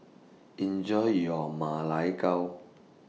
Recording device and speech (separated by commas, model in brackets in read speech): mobile phone (iPhone 6), read sentence